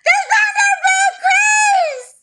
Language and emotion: English, fearful